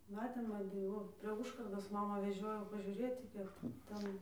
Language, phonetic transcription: Lithuanian, ˈmatėm aˈbi ˈvo prie ˈužkardos ˈmamą veˈžiojau pažiūˈrėti ˈkiek ˈten

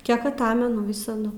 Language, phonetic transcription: Lithuanian, ˈkiek aˈtamenu ˈvisadu

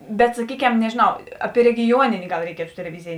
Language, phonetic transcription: Lithuanian, bet saˈkyˌkem nežėˈnau ˈaˌpie regiˈjuoninė gal reiˈkietu teleˈvizijė

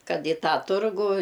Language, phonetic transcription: Lithuanian, ˈkad i ˈtą ˈturgų

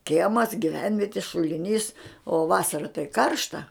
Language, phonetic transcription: Lithuanian, ˈkiemas giˈvenvieti šuliˈnys o ˈvasara tai ˈkaršta

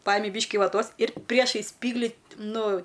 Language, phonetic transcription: Lithuanian, ˈpajimi ˈbyški vaˈtos ir ˈpriešais ˈspygli ˈnu

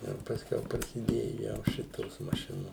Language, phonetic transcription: Lithuanian, ir pasˈkiau prasiˈdėju ˈjau ˈšitos maˈšinos

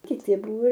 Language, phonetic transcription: Lithuanian, kiˈti ˈbuvo

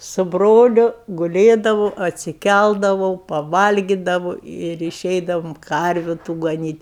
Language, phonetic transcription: Lithuanian, su ˈbroliu guˈlėdavo atsiˈkældavau paˈvalgidavu ir iˈšeidavum ˈkarviu tu gaˈnyt'

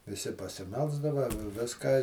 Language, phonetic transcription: Lithuanian, viˈsi pasiˈmelsdava ˈviską

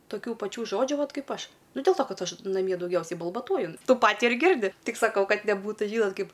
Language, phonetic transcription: Lithuanian, toˈkių paˈčių ˈžodžių ˈvat ˈkaip ˈaš ˈnu del to ˈkad ˈaš naˈmie dauˈgiausiai balbaˈtuoju ˈtų ˈpatį ir ˈgirdi ˈtik saˈkau ˈkad neˈbūtų ˈžynot ˈkaip

